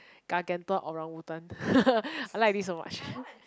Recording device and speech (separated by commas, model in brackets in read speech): close-talking microphone, conversation in the same room